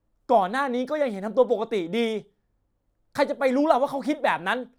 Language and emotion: Thai, angry